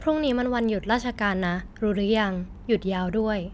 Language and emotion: Thai, neutral